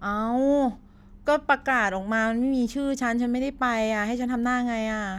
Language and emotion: Thai, frustrated